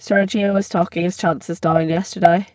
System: VC, spectral filtering